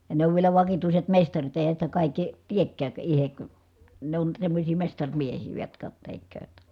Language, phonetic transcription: Finnish, ja ne ov vielä vakituiset mestarit èi̮hän sitä kàikki , tiekkääk , ihek , ne on semmośii mestaŕmiehii va jotka , tekkööt .
- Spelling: ja ne on vielä vakituiset mestarit eihän sitä kaikki teekään itse ne on semmoisia mestarimiehiä vain jotka tekevät

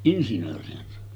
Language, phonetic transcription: Finnish, 'insinöörihän se ‿on .
- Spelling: insinöörihän se on

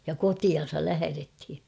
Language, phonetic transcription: Finnish, ja "kotian̬sal 'lähärethi .
- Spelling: ja kotiinsa lähdettiin

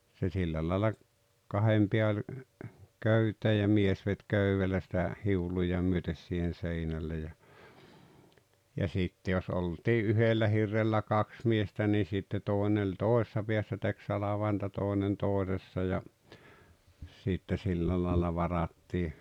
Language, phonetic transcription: Finnish, se 'sillä laala , 'kahem piä oĺ , 'köytee ja 'mies vet "köywellä sⁱtä , 'hiuĺuja myötes siihen̬ 'seinälle ja , ja 'sitte jos 'oltii "yhellä 'hirrellä "kaks miestä ni sitte 'tòene ‿°ĺ "tòesᵉssa pḙässä tek 'salavainta 'tòenen 'tòesessa ja , sitte 'sillä laila 'varattii .
- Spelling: se sillä lailla kahden pään oli köyteen ja mies veti köydellä sitä hiuluja myöten siihen seinälle ja ja sitten jos oltiin yhdellä hirrellä kaksi miestä niin sitten toinen oli toisessa päässä teki salvainta toinen toisessa ja sitten sillä lailla varattiin

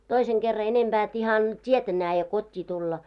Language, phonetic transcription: Finnish, 'toiseŋ ɢerra enemʙää et 'ihan , 't́ietä nääje 'kot́t́ii tulla .
- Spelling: toisen kerran enempää että ihan tietä näe kotiin tulla

